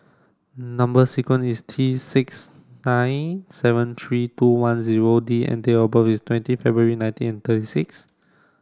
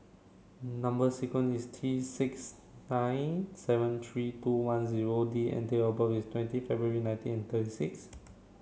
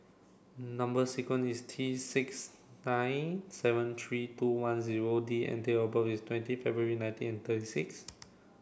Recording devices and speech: standing microphone (AKG C214), mobile phone (Samsung C7), boundary microphone (BM630), read sentence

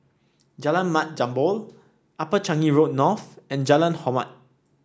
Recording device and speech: standing microphone (AKG C214), read sentence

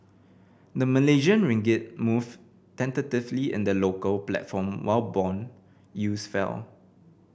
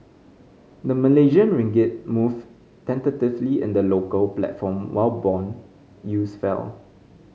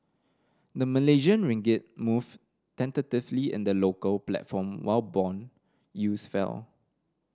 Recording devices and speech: boundary microphone (BM630), mobile phone (Samsung C5010), standing microphone (AKG C214), read sentence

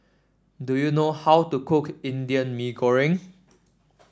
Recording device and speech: standing microphone (AKG C214), read sentence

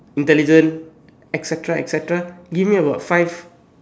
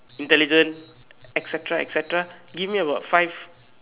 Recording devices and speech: standing microphone, telephone, conversation in separate rooms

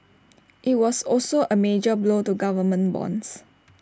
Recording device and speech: standing microphone (AKG C214), read sentence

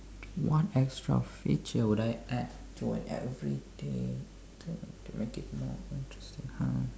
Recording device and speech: standing microphone, conversation in separate rooms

